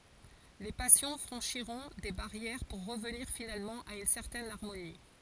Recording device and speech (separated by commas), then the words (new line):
forehead accelerometer, read sentence
Les passions franchiront des barrières pour revenir finalement à une certaine harmonie.